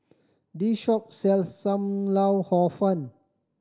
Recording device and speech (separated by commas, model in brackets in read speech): standing microphone (AKG C214), read sentence